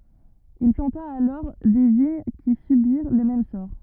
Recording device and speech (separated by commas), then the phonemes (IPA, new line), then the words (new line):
rigid in-ear microphone, read sentence
il plɑ̃ta alɔʁ de viɲ ki sybiʁ lə mɛm sɔʁ
Il planta alors des vignes qui subirent le même sort.